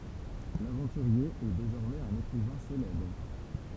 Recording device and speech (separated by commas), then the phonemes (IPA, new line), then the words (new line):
temple vibration pickup, read sentence
lavɑ̃tyʁje ɛ dezɔʁmɛz œ̃n ekʁivɛ̃ selɛbʁ
L’aventurier est désormais un écrivain célèbre.